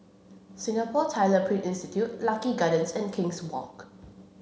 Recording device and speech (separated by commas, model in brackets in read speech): mobile phone (Samsung C7), read sentence